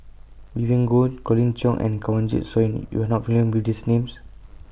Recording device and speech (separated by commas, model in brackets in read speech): boundary microphone (BM630), read sentence